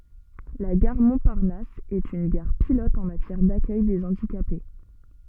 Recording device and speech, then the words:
soft in-ear microphone, read sentence
La gare Montparnasse est une gare pilote en matière d’accueil des handicapés.

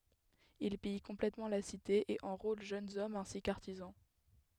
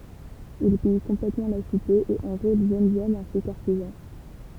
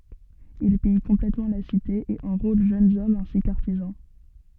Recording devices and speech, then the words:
headset microphone, temple vibration pickup, soft in-ear microphone, read sentence
Il pille complètement la cité et enrôle jeunes hommes ainsi que artisans.

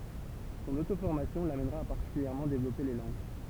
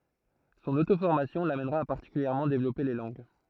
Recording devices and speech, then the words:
temple vibration pickup, throat microphone, read sentence
Son autoformation l'amènera à particulièrement développer les langues.

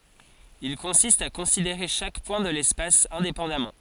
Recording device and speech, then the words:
forehead accelerometer, read sentence
Il consiste à considérer chaque point de l'espace indépendamment.

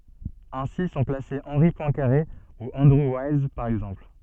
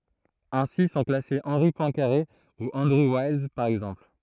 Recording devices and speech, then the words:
soft in-ear microphone, throat microphone, read sentence
Ainsi sont classés Henri Poincaré ou Andrew Wiles, par exemple.

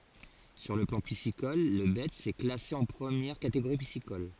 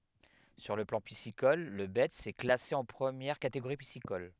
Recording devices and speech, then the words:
forehead accelerometer, headset microphone, read sentence
Sur le plan piscicole, le Betz est classé en première catégorie piscicole.

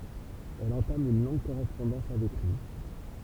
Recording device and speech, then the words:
temple vibration pickup, read sentence
Elle entame une longue correspondance avec lui.

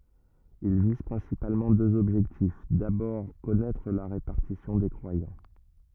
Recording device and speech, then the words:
rigid in-ear microphone, read sentence
Ils visent principalement deux objectifs: d'abord, connaître la répartition des croyants.

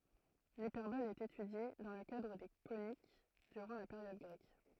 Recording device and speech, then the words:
throat microphone, read sentence
L'hyperbole est étudiée, dans le cadre des coniques, durant la période grecque.

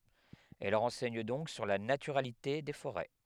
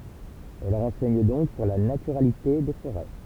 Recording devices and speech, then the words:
headset microphone, temple vibration pickup, read sentence
Elles renseignent donc sur la naturalité des forêts.

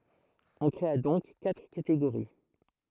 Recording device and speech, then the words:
throat microphone, read sentence
On créa donc quatre catégories.

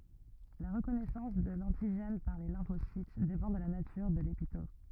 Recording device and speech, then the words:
rigid in-ear microphone, read sentence
La reconnaissance de l'antigène par les lymphocytes dépend de la nature de l'épitope.

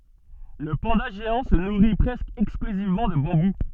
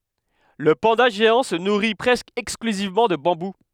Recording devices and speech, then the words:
soft in-ear microphone, headset microphone, read sentence
Le panda géant se nourrit presque exclusivement de bambou.

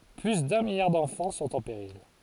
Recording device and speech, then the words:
forehead accelerometer, read sentence
Plus d’un milliard d’enfants sont en péril.

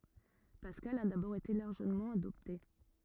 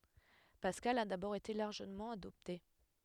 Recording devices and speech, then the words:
rigid in-ear microphone, headset microphone, read sentence
Pascal a d'abord été largement adopté.

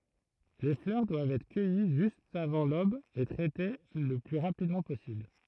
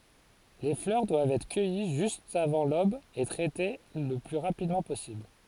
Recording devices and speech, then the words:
throat microphone, forehead accelerometer, read sentence
Les fleurs doivent être cueillies juste avant l'aube et traitées le plus rapidement possible.

